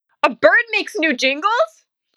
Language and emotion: English, surprised